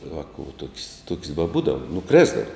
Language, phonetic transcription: Lithuanian, ˈvaku va tuok's' tuok's' baˈbūdav nuˈkresdava

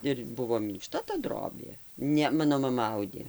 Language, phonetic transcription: Lithuanian, ˈir ˈbuvo minkˈšta ta ˈdrobė ˈne ˈmano maˈma ˈaudė

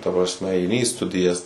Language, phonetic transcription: Lithuanian, ta prasˈme aiˈni į ˈstudijas

